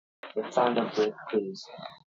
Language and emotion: English, angry